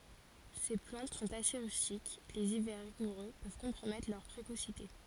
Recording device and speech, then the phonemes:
forehead accelerometer, read sentence
se plɑ̃t sɔ̃t ase ʁystik lez ivɛʁ ʁiɡuʁø pøv kɔ̃pʁomɛtʁ lœʁ pʁekosite

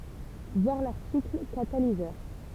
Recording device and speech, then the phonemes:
temple vibration pickup, read sentence
vwaʁ laʁtikl katalizœʁ

